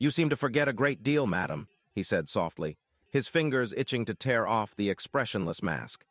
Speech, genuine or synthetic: synthetic